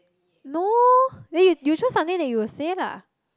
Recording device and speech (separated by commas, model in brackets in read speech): close-talking microphone, conversation in the same room